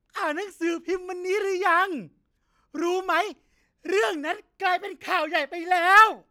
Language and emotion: Thai, happy